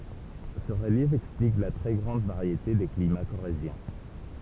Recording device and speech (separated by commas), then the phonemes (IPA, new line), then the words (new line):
temple vibration pickup, read sentence
sə ʁəljɛf ɛksplik la tʁɛ ɡʁɑ̃d vaʁjete de klima koʁezjɛ̃
Ce relief explique la très grande variété des climats corréziens.